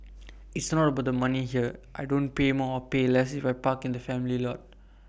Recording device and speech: boundary microphone (BM630), read sentence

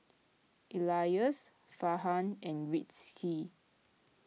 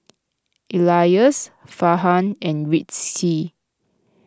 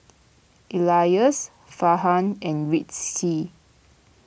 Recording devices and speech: mobile phone (iPhone 6), close-talking microphone (WH20), boundary microphone (BM630), read sentence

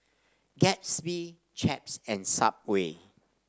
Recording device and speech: standing microphone (AKG C214), read sentence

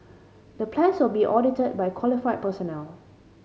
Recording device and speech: mobile phone (Samsung C5010), read sentence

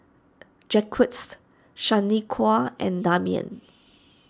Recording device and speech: standing microphone (AKG C214), read sentence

